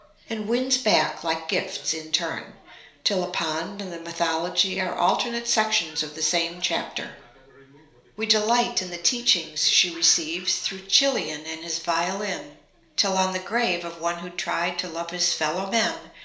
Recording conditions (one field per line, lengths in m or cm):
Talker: one person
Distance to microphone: 1.0 m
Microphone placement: close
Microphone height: 1.1 m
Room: small (3.7 m by 2.7 m)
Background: television